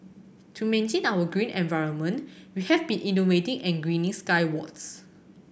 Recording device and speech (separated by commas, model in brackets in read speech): boundary microphone (BM630), read sentence